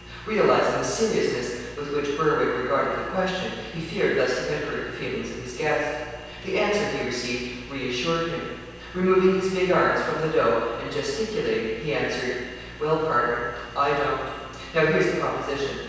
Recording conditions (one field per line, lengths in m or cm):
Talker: one person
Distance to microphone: 7.1 m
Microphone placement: far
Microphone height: 1.7 m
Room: very reverberant, large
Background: none